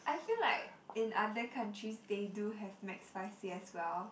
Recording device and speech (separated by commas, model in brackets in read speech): boundary microphone, conversation in the same room